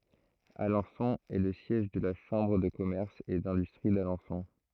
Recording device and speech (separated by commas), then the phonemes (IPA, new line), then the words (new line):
throat microphone, read sentence
alɑ̃sɔ̃ ɛ lə sjɛʒ də la ʃɑ̃bʁ də kɔmɛʁs e dɛ̃dystʁi dalɑ̃sɔ̃
Alençon est le siège de la chambre de commerce et d'industrie d'Alençon.